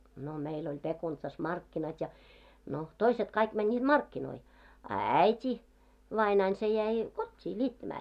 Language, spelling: Finnish, no meillä oli Pekunitsassa markkinat ja no toiset kaikki menivät markkinoihin a äiti vainaani se jäi kotiin niittämään
- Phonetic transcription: no meil ‿oĺ 'Pekuntsas "markkinat ja , no , "toiset kaik 'mänńiiᴅ "markkinoi , a "äit́i , vainain se jäi , "kot́t́ii 'ńiittämää .

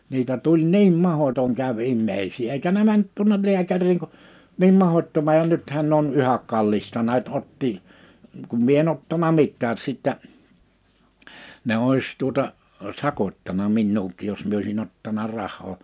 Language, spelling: Finnish, niitä tuli niin mahdoton kävi ihmisiä eikä ne mennyt tuonne lääkäriin kun niin mahdottoman ja nythän ne on yhä kallistaneet ottoa kun minä en ottanut mitään sitten ne olisi tuota sakottanut minuakin jos minä olisin ottanut rahaa
- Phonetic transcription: 'niitä 'tuĺ "niim 'mahotoŋ 'käv 'immeisii eikä ne 'mänt 'tuonnel 'liäkäriiŋ ku , 'niim 'mahot́toma(j) ja 'nythän ne ‿on 'yhäk 'kallistanɛɛt 'ottì , kum 'mie en ‿ottana 'mittääs sìttä , ne 'òis tuota , "sakot́tana 'minnuuk̆kiij jos 'mie oisi'n ‿ottana 'rah̆hoo ,.

